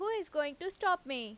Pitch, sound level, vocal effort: 350 Hz, 91 dB SPL, loud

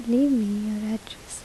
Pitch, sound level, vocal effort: 220 Hz, 77 dB SPL, soft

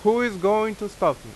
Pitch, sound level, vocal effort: 210 Hz, 92 dB SPL, very loud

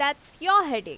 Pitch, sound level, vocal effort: 295 Hz, 95 dB SPL, loud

